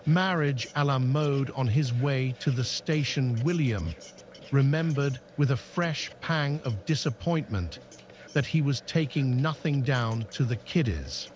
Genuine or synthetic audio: synthetic